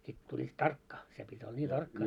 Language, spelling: Finnish, sitten tulivat tarkkaan se piti olla niin tarkkaa
- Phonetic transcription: sit tuĺĺiit "tarkkaa , se pit́ ‿olla ńii 'tarkkaa .

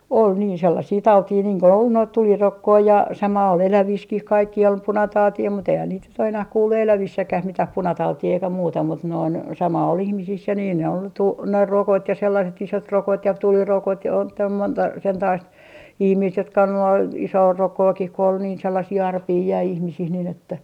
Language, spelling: Finnish, oli niin sellaisia tauteja niin kun oli noita tulirokkoja ja sama oli elävissäkin kaikkia oli punatautia mutta eihän niitä nyt ole enää kuullut elävissäkään mitään punatautia eikä muuta mutta noin sama oli ihmisissä ja niin ne oli - ne rokot ja sellaiset isotrokot ja tulirokot ja on täällä monta sentapaista ihmistä jotka on ollut - isoarokkoakin kun oli niin sellaisia arpia jäi ihmisiin niin että
- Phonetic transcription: 'ol niin 'sellasii "tautii niiŋ ko ol noit "tulirokkoi ja 'sama ol 'eläviskih 'kaikkii ol "punatautii mut ‿eihän niit nyt o enäh kuullu "elävissäkäh 'mitäh 'punatautii eikä 'muuta mut noin , sama ol 'ihmisis ja niin ne ol tu- , ne 'rokot ja sellaset 'isot'rokot ja 'tulirokot ja on tääl monta sentaist , ihmiist jotka on ollu au- , 'isoorokkookih ko ol niin 'sellasii 'arpii jäi 'ihmisih nin ‿että .

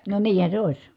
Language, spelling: Finnish, no niinhän se olisi
- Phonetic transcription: no niihä se òis .

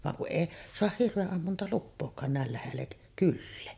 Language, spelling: Finnish, vaan kun ei saa hirvenammuntalupaakaan näin lähelle kylää
- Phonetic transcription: vaŋ kuˀ 'ˀèi soah 'hirveˀˀammuntaluppook̀aan nä̀el lähellek 'kyllee .

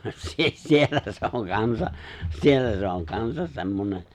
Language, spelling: Finnish, - - siellä se on kanssa siellä se on kanssa semmoinen
- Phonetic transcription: 'si- si- , 'siellä se oŋ 'kansa , 'siellä se oŋ 'kansas 'se̬mmoǹe .

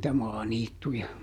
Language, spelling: Finnish, niitä maaniittyjä
- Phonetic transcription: nⁱtä ˈmaaniittuja .

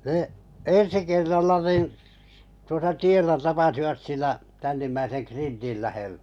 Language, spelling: Finnish, ne ensi kerralla niin tuossa tiellä tapasivat sillä tännimmäisen krintin lähellä
- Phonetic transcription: nə , 'ensi kerralla 'nìn , tuosa 'tiellä tapasivat sillä , tännimmäiseŋ 'krintil lähe(ʟʟᴀ̈) .

